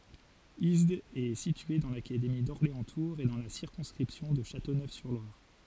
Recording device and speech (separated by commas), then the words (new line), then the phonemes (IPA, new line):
forehead accelerometer, read sentence
Isdes est situé dans l'académie d'Orléans-Tours et dans la circonscription de Châteauneuf-sur-Loire.
izdz ɛ sitye dɑ̃ lakademi dɔʁleɑ̃stuʁz e dɑ̃ la siʁkɔ̃skʁipsjɔ̃ də ʃatonøfsyʁlwaʁ